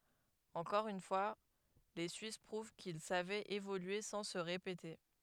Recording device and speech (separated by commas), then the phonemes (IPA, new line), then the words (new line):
headset microphone, read sentence
ɑ̃kɔʁ yn fwa le syis pʁuv kil savɛt evolye sɑ̃ sə ʁepete
Encore une fois, les suisses prouvent qu'ils savaient évoluer sans se répéter.